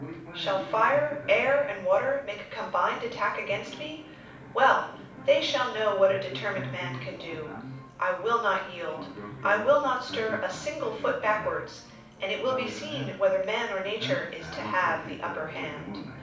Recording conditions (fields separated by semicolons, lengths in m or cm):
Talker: one person; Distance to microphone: 5.8 m; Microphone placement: far; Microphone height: 1.8 m; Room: medium-sized (5.7 m by 4.0 m); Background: television